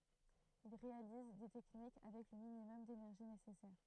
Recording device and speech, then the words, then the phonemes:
throat microphone, read sentence
Ils réalisent des techniques avec le minimum d'énergie nécessaire.
il ʁealiz de tɛknik avɛk lə minimɔm denɛʁʒi nesɛsɛʁ

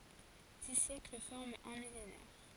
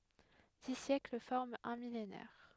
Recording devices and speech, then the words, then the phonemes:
forehead accelerometer, headset microphone, read sentence
Dix siècles forment un millénaire.
di sjɛkl fɔʁmt œ̃ milenɛʁ

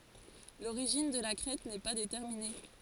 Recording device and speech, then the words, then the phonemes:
forehead accelerometer, read sentence
L'origine de la crête n'est pas déterminée.
loʁiʒin də la kʁɛt nɛ pa detɛʁmine

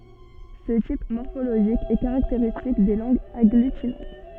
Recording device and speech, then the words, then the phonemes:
soft in-ear microphone, read sentence
Ce type morphologique est caractéristique des langues agglutinantes.
sə tip mɔʁfoloʒik ɛ kaʁakteʁistik de lɑ̃ɡz aɡlytinɑ̃t

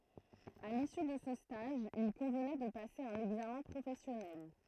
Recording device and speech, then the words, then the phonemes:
throat microphone, read sentence
À l'issue de ce stage, il convenait de passer un examen professionnel.
a lisy də sə staʒ il kɔ̃vnɛ də pase œ̃n ɛɡzamɛ̃ pʁofɛsjɔnɛl

